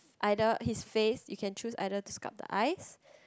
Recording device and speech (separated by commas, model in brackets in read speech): close-talking microphone, conversation in the same room